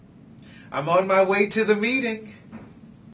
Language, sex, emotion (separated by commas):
English, male, happy